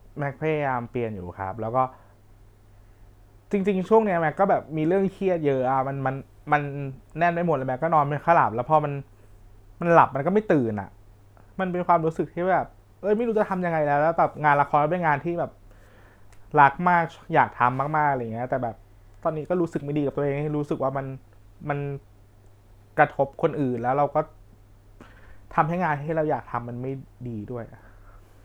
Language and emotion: Thai, frustrated